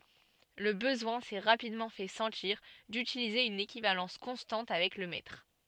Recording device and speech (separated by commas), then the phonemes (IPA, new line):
soft in-ear microphone, read sentence
lə bəzwɛ̃ sɛ ʁapidmɑ̃ fɛ sɑ̃tiʁ dytilize yn ekivalɑ̃s kɔ̃stɑ̃t avɛk lə mɛtʁ